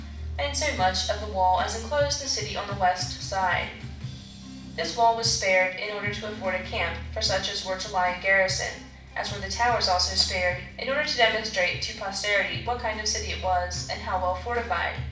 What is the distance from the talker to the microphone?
5.8 m.